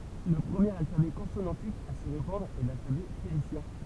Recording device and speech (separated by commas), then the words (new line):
temple vibration pickup, read sentence
Le premier alphabet consonantique à se répandre est l'alphabet phénicien.